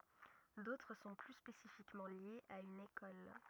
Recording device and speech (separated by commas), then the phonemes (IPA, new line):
rigid in-ear microphone, read sentence
dotʁ sɔ̃ ply spesifikmɑ̃ ljez a yn ekɔl